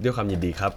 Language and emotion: Thai, neutral